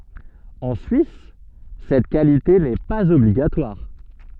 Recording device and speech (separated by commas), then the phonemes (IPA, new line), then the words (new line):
soft in-ear microphone, read sentence
ɑ̃ syis sɛt kalite nɛ paz ɔbliɡatwaʁ
En Suisse cette qualité n'est pas obligatoire.